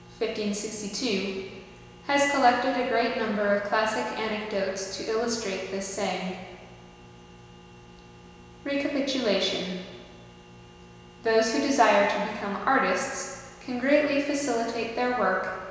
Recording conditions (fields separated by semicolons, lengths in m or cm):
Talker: one person; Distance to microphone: 1.7 m; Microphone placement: close; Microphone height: 1.0 m; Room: very reverberant, large; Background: none